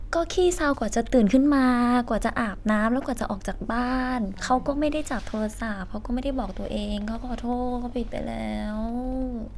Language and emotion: Thai, sad